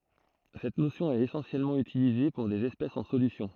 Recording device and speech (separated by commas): throat microphone, read sentence